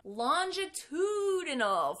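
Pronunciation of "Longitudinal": In 'longitudinal', the t does not turn into a d sound.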